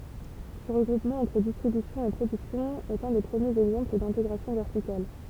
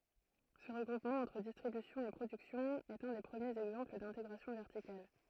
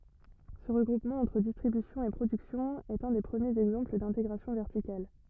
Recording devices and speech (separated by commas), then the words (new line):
temple vibration pickup, throat microphone, rigid in-ear microphone, read sentence
Ce regroupement entre distribution et production est un des premiers exemples d'intégration verticale.